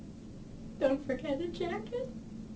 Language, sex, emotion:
English, female, sad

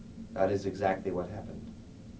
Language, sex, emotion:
English, male, neutral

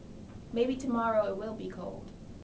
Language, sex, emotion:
English, female, neutral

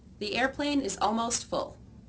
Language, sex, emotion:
English, female, neutral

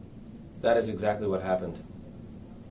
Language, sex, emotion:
English, male, neutral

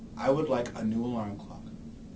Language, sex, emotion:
English, male, neutral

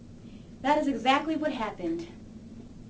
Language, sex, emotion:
English, female, neutral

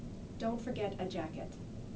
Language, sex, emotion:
English, female, neutral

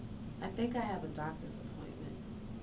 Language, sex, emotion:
English, female, neutral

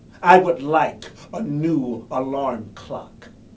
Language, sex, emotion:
English, male, angry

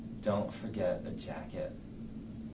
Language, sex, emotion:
English, male, neutral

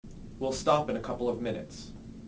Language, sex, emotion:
English, male, neutral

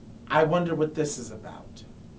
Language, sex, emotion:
English, male, neutral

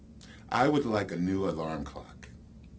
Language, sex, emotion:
English, male, neutral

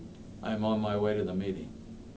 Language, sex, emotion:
English, male, neutral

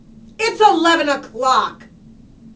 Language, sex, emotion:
English, female, angry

